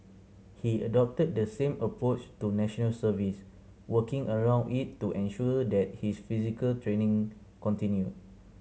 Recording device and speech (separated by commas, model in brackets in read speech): mobile phone (Samsung C7100), read sentence